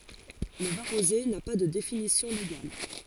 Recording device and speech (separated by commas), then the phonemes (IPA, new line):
forehead accelerometer, read sentence
lə vɛ̃ ʁoze na pa də definisjɔ̃ leɡal